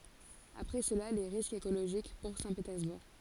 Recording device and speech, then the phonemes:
forehead accelerometer, read sentence
apʁɛ səla le ʁiskz ekoloʒik puʁ sɛ̃tpetɛʁzbuʁ

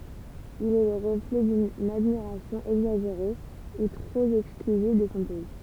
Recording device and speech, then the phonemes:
temple vibration pickup, read sentence
il ɛ lə ʁəflɛ dyn admiʁasjɔ̃ ɛɡzaʒeʁe u tʁop ɛksklyziv də sɔ̃ pɛi

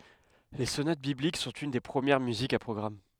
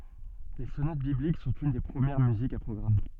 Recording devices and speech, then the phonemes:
headset microphone, soft in-ear microphone, read sentence
le sonat biblik sɔ̃t yn de pʁəmjɛʁ myzikz a pʁɔɡʁam

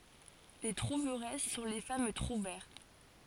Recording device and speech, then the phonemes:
forehead accelerometer, read sentence
le tʁuvʁɛs sɔ̃ le fam tʁuvɛʁ

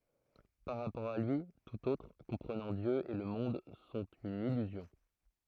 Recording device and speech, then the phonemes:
throat microphone, read sentence
paʁ ʁapɔʁ a lyi tut otʁ kɔ̃pʁənɑ̃ djø e lə mɔ̃d sɔ̃t yn ilyzjɔ̃

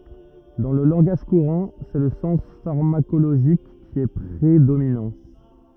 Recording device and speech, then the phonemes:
rigid in-ear microphone, read sentence
dɑ̃ lə lɑ̃ɡaʒ kuʁɑ̃ sɛ lə sɑ̃s faʁmakoloʒik ki ɛ pʁedominɑ̃

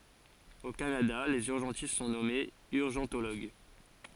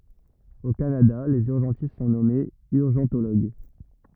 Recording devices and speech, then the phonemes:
forehead accelerometer, rigid in-ear microphone, read sentence
o kanada lez yʁʒɑ̃tist sɔ̃ nɔmez yʁʒɑ̃toloɡ

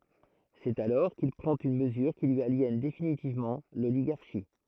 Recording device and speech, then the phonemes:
throat microphone, read sentence
sɛt alɔʁ kil pʁɑ̃t yn məzyʁ ki lyi aljɛn definitivmɑ̃ loliɡaʁʃi

